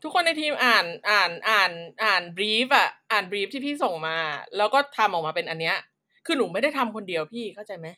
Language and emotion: Thai, frustrated